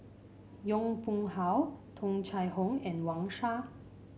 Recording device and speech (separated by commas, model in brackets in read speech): mobile phone (Samsung C5), read sentence